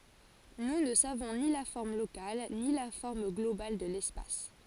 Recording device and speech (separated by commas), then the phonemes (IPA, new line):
forehead accelerometer, read sentence
nu nə savɔ̃ ni la fɔʁm lokal ni la fɔʁm ɡlobal də lɛspas